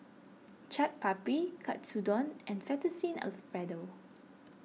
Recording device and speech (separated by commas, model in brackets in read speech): mobile phone (iPhone 6), read sentence